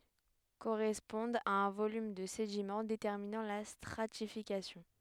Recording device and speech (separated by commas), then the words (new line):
headset microphone, read sentence
Correspondent à un volume de sédiment déterminant la stratification.